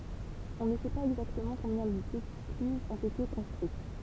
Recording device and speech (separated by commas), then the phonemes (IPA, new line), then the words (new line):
temple vibration pickup, read sentence
ɔ̃ nə sɛ paz ɛɡzaktəmɑ̃ kɔ̃bjɛ̃ deklyzz ɔ̃t ete kɔ̃stʁyit
On ne sait pas exactement combien d'écluses ont été construites.